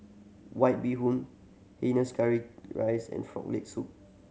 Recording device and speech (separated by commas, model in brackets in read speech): mobile phone (Samsung C7100), read sentence